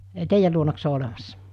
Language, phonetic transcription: Finnish, 'teijäl luonaks se o 'olemassa ?
- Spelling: teidän luonako se on olemassa

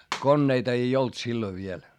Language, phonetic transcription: Finnish, konneita ei olt silloⁱv viel .
- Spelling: koneita ei ollut silloin vielä

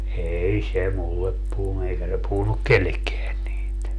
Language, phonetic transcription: Finnish, 'eei se "mullep puhunu 'eikä se puhunuk "kellekkeän niit .
- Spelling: ei se minulle puhunut eikä se puhunut kenellekään niitä

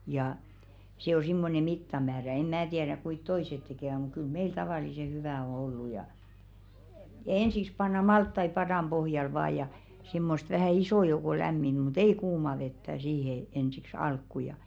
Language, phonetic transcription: Finnish, ja , se o simmone 'mittamäärä em mää 'tiɛräk kuit "toiset 'tekèvä muk̆ kyl "meil 'tavàlise 'hyvä̀ o ollu ja , "ensiks panna 'malttai 'padàm 'ʙohjal vaa ja , si̬mmost vähä̀ 'isò jouko 'lämminʏ mu"t ‿ei 'kuuma vettä siihe ensiks 'alkku ja .
- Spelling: ja se on semmoinen mittamäärä en minä tiedä kuinka toiset tekevät mutta kyllä meille tavallisen hyvä on ollut ja ensiksi pannaan maltaita padan pohjalle vain ja semmoista vähän ison joukon lämminnyt mutta ei kuumaa vettä siihen ensiksi alkuun ja

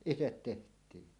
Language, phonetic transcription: Finnish, itet "teht̀ii .
- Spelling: itse tehtiin

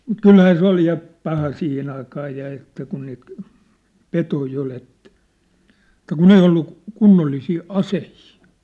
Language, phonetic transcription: Finnish, kylhää 'se ‿ol ja , 'paha 'siihen ‿aikaa ja ᵉttä kun niit , "petoi 'ol ‿et̆tᴀ̈ , et̆tä "kun ‿ei ollu , 'kunnollisii 'asehii !
- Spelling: kyllähän se oli ja paha siihen aikaa ja että kun niitä petoja oli että että kun ei ollut kunnollisia aseita

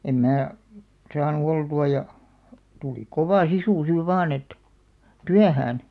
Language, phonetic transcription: Finnish, em 'mää , 'saanu 'oltu₍a ja , tuli 'kovà "sisù siiv 'vaan ‿et , "tyähään .
- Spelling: en minä saanut oltua ja tuli kova sisu siinä vain että työhön

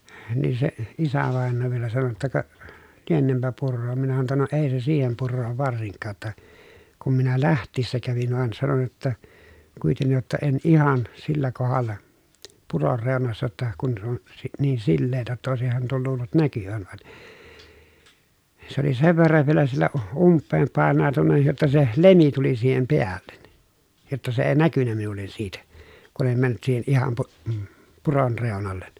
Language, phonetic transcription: Finnish, niin se , isävàennoo vielä sano jotta » ka , lienempä purroom » minä sano ‿tta » no èi se siihem purroov varsiŋkkaa ‿tta , kum minä läht̆tiissä kävin » van sanon jotta , » kuitennij jotta en ihan , sillä kohalla , puror rèonassa ‿tta , kun se on , si- , niin silleetä ‿ttä òesihan tuol luullut näkyvän vaN » , se ‿oli sev verrav vielä siellä , umppeem pàennàu̬tunna jotta se , lemi tuli siihem peällen , jotta se ee näkynnä minul̆len siitä , kun ‿em männyt siihen ihan pu- , puron rèonollen .
- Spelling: niin se isävainaja vielä sanoi jotta ka lienenpä puroon minä sanoin jotta no ei se siihen puroon varsinkaan jotta kun minä lähtiessä kävin vaan sanoin jotta kuitenkin jotta en ihan sillä kohdalla puron reunassa jotta kun se on - niin sileää että olisihan tuon luullut näkyvän vaan se oli sen verran vielä siellä umpeen painautunut jotta se lemi tuli siihen päälle jotta se ei näkynyt minulle siitä kun en mennyt siihen ihan - puron reunalle

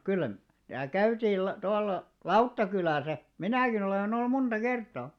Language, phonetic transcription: Finnish, 'kyl (mar) , täälᵗ "käytiil la- tualᵃ , "Lauttakylä̀sä , "minä̀kin ‿olen ‿ollum 'munᴅa "kertaa .
- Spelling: kyllä mar täällä käytiin - tuolla Lauttakylässä minäkin olen ollut monta kertaa

